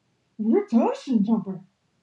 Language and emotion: English, surprised